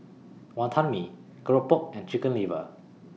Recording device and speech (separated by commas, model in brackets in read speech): mobile phone (iPhone 6), read sentence